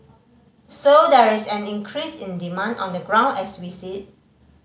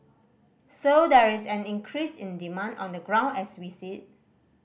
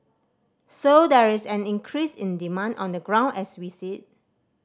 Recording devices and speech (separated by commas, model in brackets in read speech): mobile phone (Samsung C5010), boundary microphone (BM630), standing microphone (AKG C214), read sentence